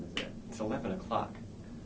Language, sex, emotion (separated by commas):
English, male, neutral